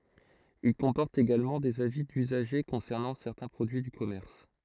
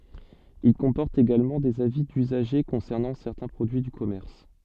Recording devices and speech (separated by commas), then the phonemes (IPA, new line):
throat microphone, soft in-ear microphone, read sentence
il kɔ̃pɔʁtt eɡalmɑ̃ dez avi dyzaʒe kɔ̃sɛʁnɑ̃ sɛʁtɛ̃ pʁodyi dy kɔmɛʁs